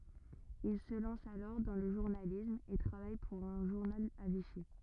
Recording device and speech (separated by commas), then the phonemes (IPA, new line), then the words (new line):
rigid in-ear microphone, read sentence
il sə lɑ̃s alɔʁ dɑ̃ lə ʒuʁnalism e tʁavaj puʁ œ̃ ʒuʁnal a viʃi
Il se lance alors dans le journalisme et travaille pour un journal à Vichy.